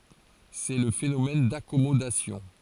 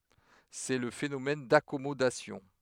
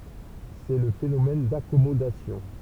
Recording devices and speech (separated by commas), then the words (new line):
forehead accelerometer, headset microphone, temple vibration pickup, read sentence
C'est le phénomène d'accommodation.